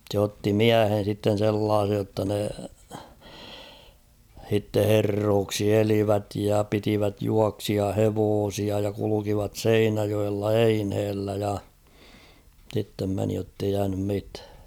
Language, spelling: Finnish, se otti miehen sitten sellaisen jotta ne sitten herroiksi elivät ja pitivät juoksijahevosia ja kulkivat Seinäjoella eineellä ja sitten meni jotta ei jäänyt mitään
- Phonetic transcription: sᵉ ‿otti "miähen̬ sitten̬ 'sellaasej jotta ne , h̬itte 'herrooksi "elivät: ja 'pitivät "juaksia'hevoosia ja kulukivat "Seinäjoella "einhellä ja , sittem 'meni jottei 'jäänym 'mitᴀ̈ᴀ̈ .

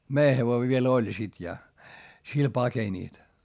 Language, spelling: Finnish, meidän hevonen vielä oli sitten ja sillä pakenivat
- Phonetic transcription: mei hevoi viel ‿oĺ sit ja , sil pakeńìt .

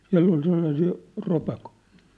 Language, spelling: Finnish, siellä oli sellaisia ropakoita
- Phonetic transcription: 'siä̭ll ‿ol sellasii , 'ropakᴏɪ̆ .

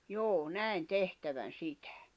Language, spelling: Finnish, juu näin tehtävän sitä
- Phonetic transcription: juu 'nä̀in "tehtävän "sitᴀ̈ .

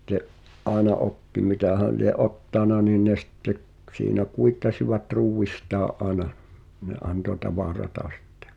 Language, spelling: Finnish, sitten aina otti mitähän lie ottanut niin ne sitten - siinä kuittasivat ruuistaan aina ne antoi tavaraa sitten
- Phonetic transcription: [sit]t̀e’ , '’aena "’otti 'mitähä̀ lie’ "’ottàna niin̆ ne sⁱtte k- , 'siinä "kuittasivat 'ruuwwistaa’ ’àena , ne 'anto "tavarata sɪttᴇ .

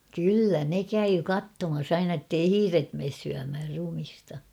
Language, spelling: Finnish, kyllä ne kävi katsomassa aina että ei hiiret mene syömään ruumista
- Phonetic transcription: kyllä 'ne 'käyy "kattomas 'aina ᵉttei "hiiret mees syämhär 'rumista .

